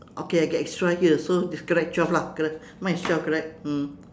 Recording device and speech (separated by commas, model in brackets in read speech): standing microphone, conversation in separate rooms